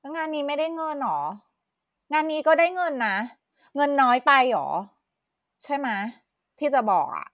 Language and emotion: Thai, frustrated